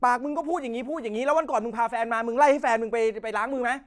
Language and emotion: Thai, angry